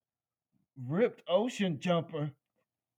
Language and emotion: English, disgusted